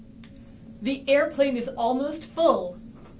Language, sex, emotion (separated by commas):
English, female, neutral